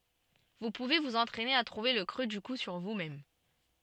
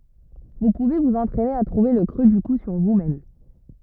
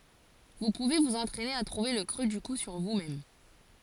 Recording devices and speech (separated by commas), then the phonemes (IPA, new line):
soft in-ear microphone, rigid in-ear microphone, forehead accelerometer, read sentence
vu puve vuz ɑ̃tʁɛne a tʁuve lə kʁø dy ku syʁ vusmɛm